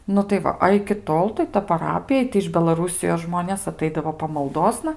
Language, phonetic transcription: Lithuanian, ˈnu tai ˈva a iki ˈtol tai ta paˈrapija tai iš belaˈrūsijos ˈžmonės aˈtaidavo pamalˈdosna

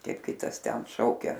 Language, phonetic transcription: Lithuanian, ˈkaip ˈkitas ten ˈšaukia

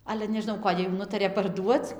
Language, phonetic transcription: Lithuanian, ˈale nežiˈnau ˈkodė jų ˈnutarė parˈduoc

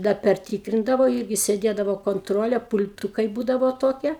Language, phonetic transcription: Lithuanian, da perˈtykrindavo ˈyrgi sėˈdėdavo konˈtrolė pul'ˈtūkai ˈbūdavo ˈtokie

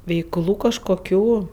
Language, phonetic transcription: Lithuanian, veikˈlų kažkoˈkių

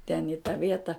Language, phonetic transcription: Lithuanian, ten i ta ˈvieta

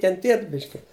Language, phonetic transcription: Lithuanian, kenˈtiet ˈbiški

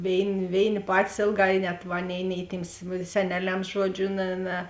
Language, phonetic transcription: Lithuanian, ˈvėini ˈvėini ˈpatis ˈėlˌgā i net ˈaˌnėi nei tyms seˈneˌlems ˈžuoˌdžiu ˈne ˈne

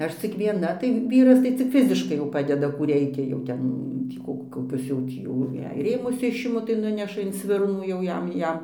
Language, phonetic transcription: Lithuanian, ˈaš cik vieˈna tai ˈvyras tai cik ˈfiziškai jau ˈpadeda ˈkų ˈreikia jau ˈtep ˈtį ko koˈkius jau ˈtį jau jei ˈrėmus ˈišimu tai ˈnuneša in ˈsvirnų jau ˈjam ˈjam

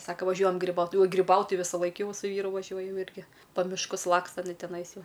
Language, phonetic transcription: Lithuanian, ˈsaka vaˈžiuojam griˈbaut griˈbaut ˈtai visaˈlaik ˈjau su ˈvyru vaˈžiuoj ˈjau ˈirgi pa mišˈkus ˈlaksta iˈnai teˈnais ˈjau

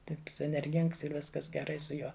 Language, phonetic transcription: Lithuanian, ˈtaips enerˈgings ir ˈviskas geˈrai su ˈjuo

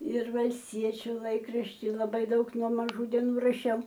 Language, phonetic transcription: Lithuanian, ir valsˈtiečiu ˈlaikrašti laˈbai ˈdaug nuo maˈžų deˈnų raˈšiau

